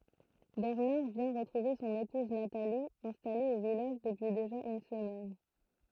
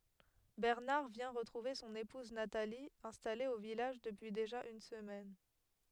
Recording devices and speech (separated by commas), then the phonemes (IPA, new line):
throat microphone, headset microphone, read sentence
bɛʁnaʁ vjɛ̃ ʁətʁuve sɔ̃n epuz natali ɛ̃stale o vilaʒ dəpyi deʒa yn səmɛn